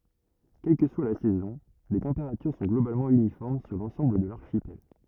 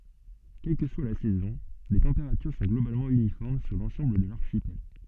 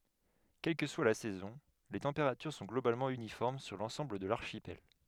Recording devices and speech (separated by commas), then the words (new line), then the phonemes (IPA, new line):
rigid in-ear microphone, soft in-ear microphone, headset microphone, read sentence
Quelle que soit la saison, les températures sont globalement uniformes sur l'ensemble de l'archipel.
kɛl kə swa la sɛzɔ̃ le tɑ̃peʁatyʁ sɔ̃ ɡlobalmɑ̃ ynifɔʁm syʁ lɑ̃sɑ̃bl də laʁʃipɛl